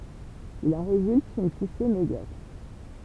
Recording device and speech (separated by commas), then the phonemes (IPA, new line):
temple vibration pickup, read sentence
il ɑ̃ ʁezylt yn puse medjɔkʁ